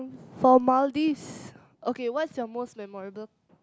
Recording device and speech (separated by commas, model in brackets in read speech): close-talking microphone, conversation in the same room